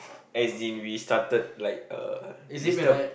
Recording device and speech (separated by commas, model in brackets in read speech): boundary microphone, conversation in the same room